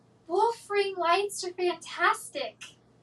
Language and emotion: English, happy